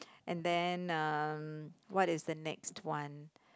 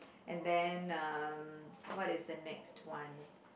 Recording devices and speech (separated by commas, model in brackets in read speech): close-talking microphone, boundary microphone, conversation in the same room